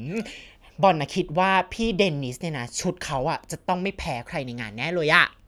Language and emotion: Thai, happy